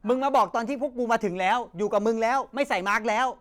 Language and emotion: Thai, angry